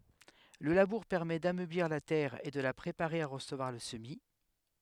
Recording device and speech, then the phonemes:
headset microphone, read sentence
lə labuʁ pɛʁmɛ damøbliʁ la tɛʁ e də la pʁepaʁe a ʁəsəvwaʁ lə səmi

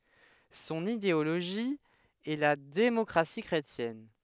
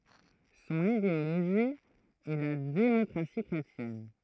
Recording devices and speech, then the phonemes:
headset microphone, throat microphone, read sentence
sɔ̃n ideoloʒi ɛ la demɔkʁasi kʁetjɛn

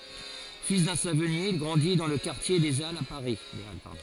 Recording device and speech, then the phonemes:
forehead accelerometer, read sentence
fil dœ̃ savɔnje il ɡʁɑ̃di dɑ̃ lə kaʁtje de alz a paʁi

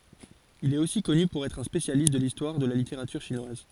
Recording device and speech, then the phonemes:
forehead accelerometer, read sentence
il ɛt osi kɔny puʁ ɛtʁ œ̃ spesjalist də listwaʁ də la liteʁatyʁ ʃinwaz

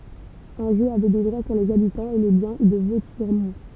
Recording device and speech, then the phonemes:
temple vibration pickup, read sentence
ɑ̃ʒo avɛ de dʁwa syʁ lez abitɑ̃z e le bjɛ̃ də votjɛʁmɔ̃

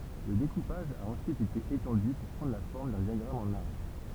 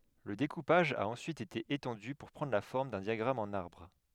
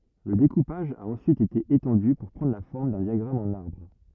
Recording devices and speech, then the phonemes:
temple vibration pickup, headset microphone, rigid in-ear microphone, read sentence
lə dekupaʒ a ɑ̃syit ete etɑ̃dy puʁ pʁɑ̃dʁ la fɔʁm dœ̃ djaɡʁam ɑ̃n aʁbʁ

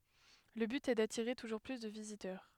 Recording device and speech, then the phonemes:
headset microphone, read sentence
lə byt ɛ datiʁe tuʒuʁ ply də vizitœʁ

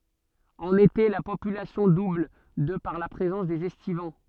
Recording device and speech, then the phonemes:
soft in-ear microphone, read sentence
ɑ̃n ete la popylasjɔ̃ dubl də paʁ la pʁezɑ̃s dez ɛstivɑ̃

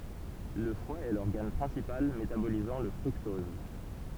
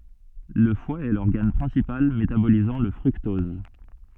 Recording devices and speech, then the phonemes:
temple vibration pickup, soft in-ear microphone, read sentence
lə fwa ɛ lɔʁɡan pʁɛ̃sipal metabolizɑ̃ lə fʁyktɔz

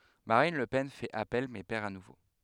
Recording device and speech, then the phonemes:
headset microphone, read sentence
maʁin lə pɛn fɛt apɛl mɛ pɛʁ a nuvo

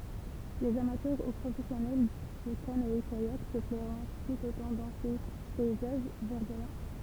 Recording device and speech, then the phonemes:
temple vibration pickup, read sentence
lez amatœʁ u pʁofɛsjɔnɛl də kanɔɛkajak sə plɛʁɔ̃ tut otɑ̃ dɑ̃ se pɛizaʒ vɛʁdwajɑ̃

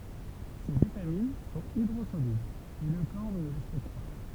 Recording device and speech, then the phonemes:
temple vibration pickup, read sentence
se vitamin sɔ̃t idʁozolyblz e lə kɔʁ nə le stɔk pa

